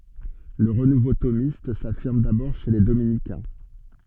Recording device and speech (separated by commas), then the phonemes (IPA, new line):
soft in-ear microphone, read sentence
lə ʁənuvo tomist safiʁm dabɔʁ ʃe le dominikɛ̃